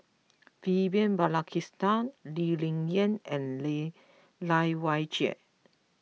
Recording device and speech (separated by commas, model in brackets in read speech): mobile phone (iPhone 6), read sentence